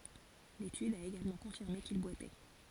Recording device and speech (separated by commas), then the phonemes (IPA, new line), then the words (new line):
forehead accelerometer, read sentence
letyd a eɡalmɑ̃ kɔ̃fiʁme kil bwatɛ
L'étude a également confirmé qu'il boitait.